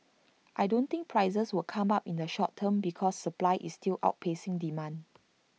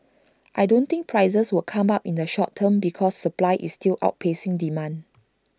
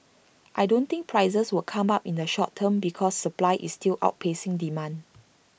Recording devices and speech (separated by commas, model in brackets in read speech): mobile phone (iPhone 6), standing microphone (AKG C214), boundary microphone (BM630), read sentence